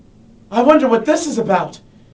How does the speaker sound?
fearful